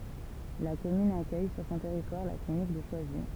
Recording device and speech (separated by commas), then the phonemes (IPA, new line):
temple vibration pickup, read sentence
la kɔmyn akœj syʁ sɔ̃ tɛʁitwaʁ la klinik də ʃwazi